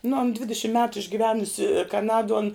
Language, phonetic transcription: Lithuanian, nu an ˈdvidišim metu išgiˈvenusi kaˈnaduo an

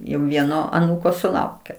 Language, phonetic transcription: Lithuanian, jau ˈvieno aˈnūko suˈlaukė

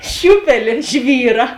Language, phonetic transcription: Lithuanian, ˈšiūpelė ˈžvyra

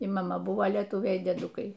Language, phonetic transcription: Lithuanian, y maˈma ˈbuvo lieˈtūviai y dieˈdukai

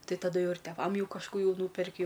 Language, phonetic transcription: Lithuanian, ˈtai taˈdu ˈjau ir teˈvam ˈjau kažˈkų ˈjau ˈnūperki

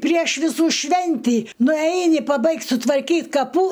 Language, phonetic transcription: Lithuanian, prieš viˈsų ˈšventį nuˈeini paˈbaigt' sutvarˈkyt kaˈpų

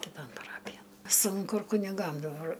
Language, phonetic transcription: Lithuanian, kiˈton paˈrapijan ˈsunku ir kuniˈgam daˈbar

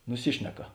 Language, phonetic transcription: Lithuanian, nuˈsišneka

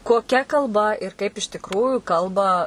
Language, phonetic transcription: Lithuanian, koˈkia kalˈba ir kaip iš tikˈrųju ˈkalba

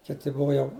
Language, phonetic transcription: Lithuanian, ˈkiti ˈbuvo jau

